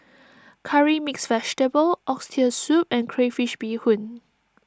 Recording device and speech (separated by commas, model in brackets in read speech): standing microphone (AKG C214), read sentence